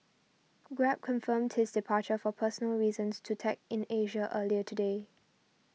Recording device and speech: mobile phone (iPhone 6), read sentence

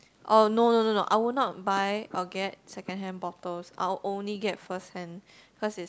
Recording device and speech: close-talking microphone, conversation in the same room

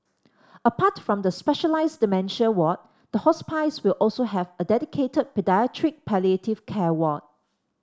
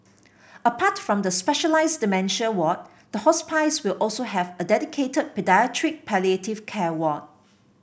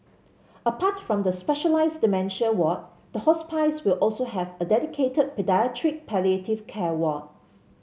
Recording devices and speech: standing microphone (AKG C214), boundary microphone (BM630), mobile phone (Samsung C7), read sentence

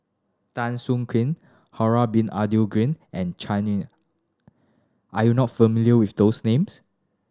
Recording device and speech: standing microphone (AKG C214), read sentence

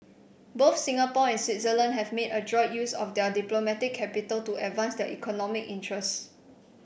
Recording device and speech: boundary microphone (BM630), read sentence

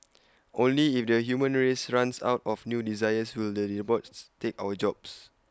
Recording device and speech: close-talking microphone (WH20), read sentence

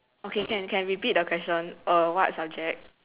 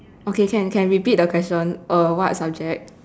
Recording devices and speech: telephone, standing microphone, conversation in separate rooms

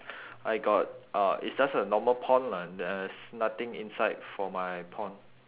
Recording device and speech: telephone, conversation in separate rooms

